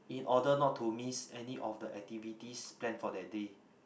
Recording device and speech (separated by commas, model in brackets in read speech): boundary microphone, conversation in the same room